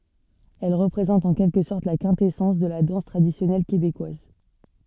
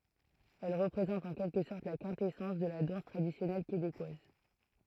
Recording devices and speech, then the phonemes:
soft in-ear microphone, throat microphone, read sentence
ɛl ʁəpʁezɑ̃t ɑ̃ kɛlkə sɔʁt la kɛ̃tɛsɑ̃s də la dɑ̃s tʁadisjɔnɛl kebekwaz

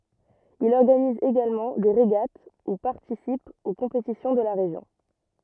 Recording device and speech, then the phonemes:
rigid in-ear microphone, read sentence
il ɔʁɡaniz eɡalmɑ̃ de ʁeɡat u paʁtisip o kɔ̃petisjɔ̃ də la ʁeʒjɔ̃

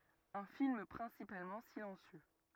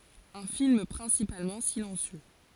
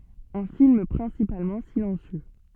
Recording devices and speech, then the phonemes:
rigid in-ear microphone, forehead accelerometer, soft in-ear microphone, read sentence
œ̃ film pʁɛ̃sipalmɑ̃ silɑ̃sjø

